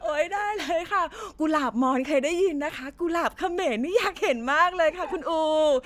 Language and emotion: Thai, happy